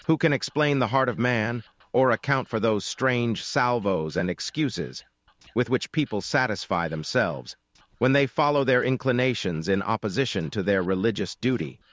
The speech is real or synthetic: synthetic